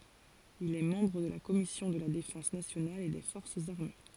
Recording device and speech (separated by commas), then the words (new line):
forehead accelerometer, read sentence
Il est membre de la Commission de la défense nationale et des forces armées.